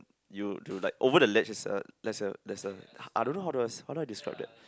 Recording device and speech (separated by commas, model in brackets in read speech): close-talking microphone, conversation in the same room